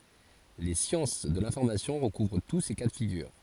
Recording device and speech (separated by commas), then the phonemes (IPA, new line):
forehead accelerometer, read sentence
le sjɑ̃s də lɛ̃fɔʁmasjɔ̃ ʁəkuvʁ tu se ka də fiɡyʁ